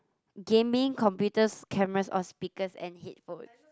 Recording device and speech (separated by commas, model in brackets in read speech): close-talking microphone, conversation in the same room